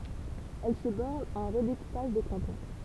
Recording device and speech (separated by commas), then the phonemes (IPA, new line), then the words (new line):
temple vibration pickup, read sentence
ɛl sə bɔʁn a œ̃ ʁədekupaʒ de kɑ̃tɔ̃
Elle se borne à un redécoupage des cantons.